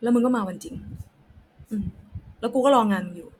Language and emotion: Thai, frustrated